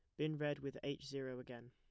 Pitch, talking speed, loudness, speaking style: 140 Hz, 240 wpm, -44 LUFS, plain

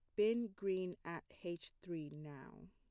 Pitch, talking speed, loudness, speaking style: 175 Hz, 145 wpm, -43 LUFS, plain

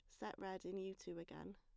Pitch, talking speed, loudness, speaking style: 190 Hz, 265 wpm, -50 LUFS, plain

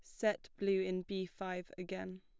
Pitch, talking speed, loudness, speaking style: 185 Hz, 180 wpm, -39 LUFS, plain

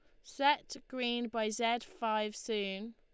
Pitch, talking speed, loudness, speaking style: 230 Hz, 135 wpm, -35 LUFS, Lombard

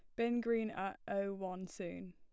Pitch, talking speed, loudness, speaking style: 195 Hz, 185 wpm, -39 LUFS, plain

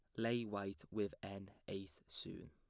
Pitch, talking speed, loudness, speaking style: 100 Hz, 155 wpm, -46 LUFS, plain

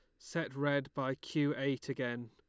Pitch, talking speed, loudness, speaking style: 140 Hz, 170 wpm, -36 LUFS, Lombard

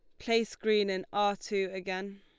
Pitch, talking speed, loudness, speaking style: 200 Hz, 185 wpm, -31 LUFS, Lombard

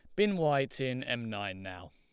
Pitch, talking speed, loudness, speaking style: 120 Hz, 210 wpm, -32 LUFS, Lombard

